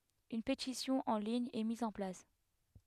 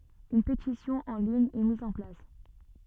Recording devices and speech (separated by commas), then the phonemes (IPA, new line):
headset microphone, soft in-ear microphone, read sentence
yn petisjɔ̃ ɑ̃ liɲ ɛ miz ɑ̃ plas